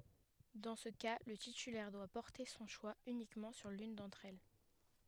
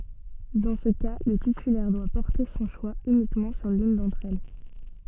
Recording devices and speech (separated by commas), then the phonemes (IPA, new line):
headset microphone, soft in-ear microphone, read sentence
dɑ̃ sə ka lə titylɛʁ dwa pɔʁte sɔ̃ ʃwa ynikmɑ̃ syʁ lyn dɑ̃tʁ ɛl